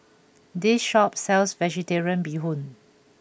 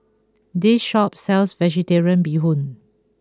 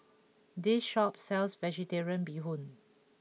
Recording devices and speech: boundary microphone (BM630), close-talking microphone (WH20), mobile phone (iPhone 6), read sentence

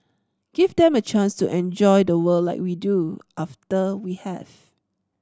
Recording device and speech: standing microphone (AKG C214), read sentence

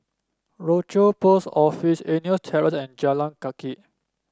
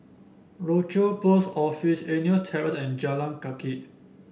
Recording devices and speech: standing microphone (AKG C214), boundary microphone (BM630), read sentence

